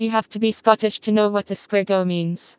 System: TTS, vocoder